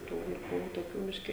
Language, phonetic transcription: Lithuanian, ˈtų vaiˈkų toˈkių ˈbiški

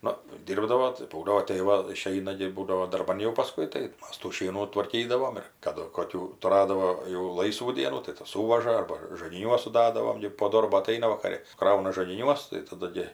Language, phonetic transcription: Lithuanian, ˈnu ˈdyrbdavo tai pauˈliot tai ˈva iˈšeina gi ˈbūdavo darˈban jau paˈskui tai ˈmas tų ˈšienų tvarˈkydavom ir kaˈdu koˈkių tuˈradavo jau ˈlaisvų ˈdienų tai ˈtas ˈsūvaža ˈarba žagiˈniuos suˈdadavom gi po ˈdorbo aˈtaina vakaˈri ˈkrauna žagiˈniuos tai taˈdu gi

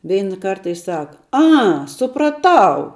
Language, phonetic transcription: Lithuanian, ˈveina ˈkarta i ˈsaka ˈa supraˈtau

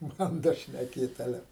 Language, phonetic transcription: Lithuanian, ˈbanda šneˈkėt aˈle

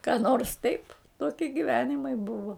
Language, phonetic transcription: Lithuanian, ką nors taip ˈtokie giˈvenimai ˈbuvo

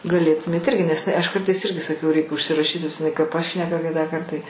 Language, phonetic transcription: Lithuanian, gaˈlėtumėt ˈirgi nes iˈnai aš ˈkartais ˈirgi saˈkau reik užsiraˈšyt nes iˈnai ˈkai ˈpašneka ˈkitąˌkart ˈtai

